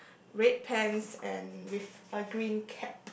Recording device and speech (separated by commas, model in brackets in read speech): boundary microphone, conversation in the same room